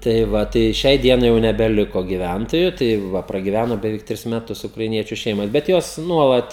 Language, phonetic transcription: Lithuanian, tai ˈva tai ˈšiai ˈdienai jau nebeˈliko gyˈvæntoju tai ˈva pragiˈvæno beˈveik ˈtris meˈtus ukraiˈniečiu ˈšeimos bet ˈjos ˈnuolat

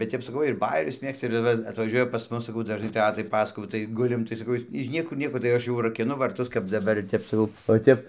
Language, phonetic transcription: Lithuanian, bet ˈtep saˈkau ir ˈbajerius ˈmėgsta ir ˈva atvaˈžiuoja pas ˈmus saˈkau dažˈnai ˈtetai ˈpasakojau tai ˈgulim tai saˈkau is iž ˈniekur ˈnieko tai ˈaš jau rakiˈnu varˈtus kap daˈbar ˈtep saˈkau o ˈtep

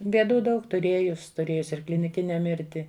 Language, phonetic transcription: Lithuanian, bėˈdų ˈdaug tuˈrėjus tuˈrėjus ir kliniˈkine ˈmirti

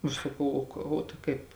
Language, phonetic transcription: Lithuanian, aš saˈkau o ˈka o tai ˈkaip

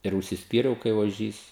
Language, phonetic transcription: Lithuanian, ir užsisˈpyriau kai oˈžys

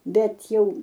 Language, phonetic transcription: Lithuanian, ˈbet ˈjau

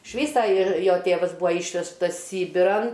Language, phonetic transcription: Lithuanian, iš ˈvysa ˈir ˈjo ˈtėvas ˈbūa ˈyšvežtas ˈsybiran

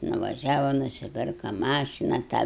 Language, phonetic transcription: Lithuanian, nuvaˈžiava nusiˈpirka ˈmašina tą

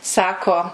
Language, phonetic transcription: Lithuanian, ˈsako

